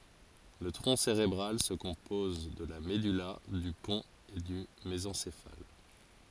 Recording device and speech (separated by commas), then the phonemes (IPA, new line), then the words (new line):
forehead accelerometer, read sentence
lə tʁɔ̃ seʁebʁal sə kɔ̃pɔz də la mədyla dy pɔ̃t e dy mezɑ̃sefal
Le tronc cérébral se compose de la medulla, du pont et du mésencéphale.